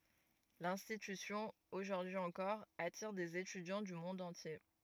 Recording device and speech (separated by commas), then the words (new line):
rigid in-ear microphone, read sentence
L'institution, aujourd’hui encore, attire des étudiants du monde entier.